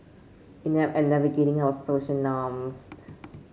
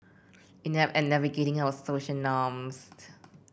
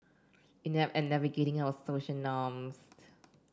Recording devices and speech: mobile phone (Samsung C5), boundary microphone (BM630), standing microphone (AKG C214), read sentence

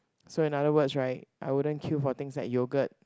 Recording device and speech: close-talking microphone, conversation in the same room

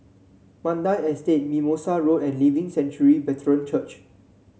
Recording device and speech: mobile phone (Samsung C7), read sentence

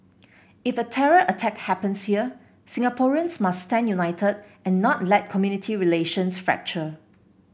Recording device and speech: boundary microphone (BM630), read sentence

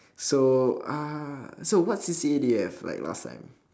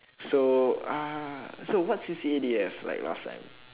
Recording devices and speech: standing microphone, telephone, conversation in separate rooms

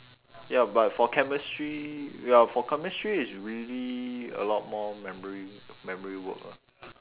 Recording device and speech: telephone, conversation in separate rooms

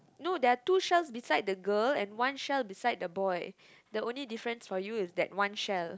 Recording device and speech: close-talking microphone, conversation in the same room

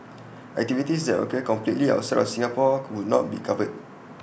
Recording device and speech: boundary microphone (BM630), read sentence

